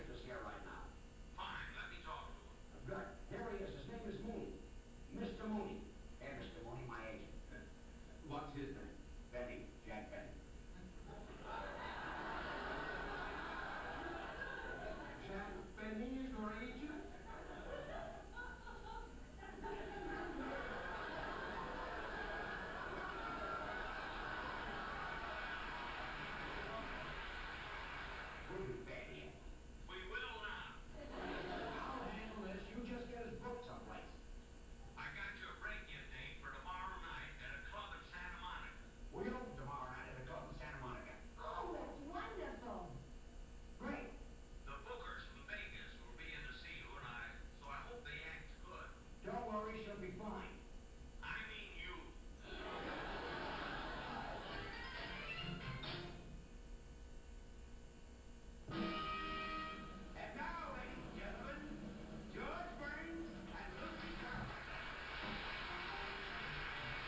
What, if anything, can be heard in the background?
A television.